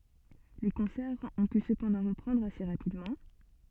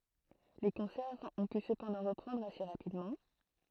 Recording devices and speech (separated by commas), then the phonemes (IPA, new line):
soft in-ear microphone, throat microphone, read sentence
le kɔ̃sɛʁz ɔ̃ py səpɑ̃dɑ̃ ʁəpʁɑ̃dʁ ase ʁapidmɑ̃